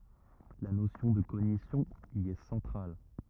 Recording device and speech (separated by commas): rigid in-ear microphone, read sentence